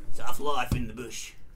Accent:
Australian accent